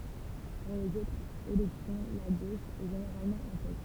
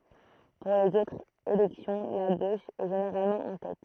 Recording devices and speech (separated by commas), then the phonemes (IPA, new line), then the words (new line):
temple vibration pickup, throat microphone, read sentence
puʁ lez otʁz elɛksjɔ̃ la ɡoʃ ɛ ʒeneʁalmɑ̃ ɑ̃ tɛt
Pour les autres élections, la gauche est généralement en tête.